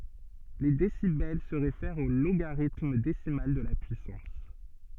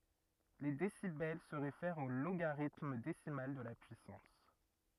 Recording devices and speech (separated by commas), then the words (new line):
soft in-ear microphone, rigid in-ear microphone, read sentence
Les décibels se réfèrent au logarithme décimal de la puissance.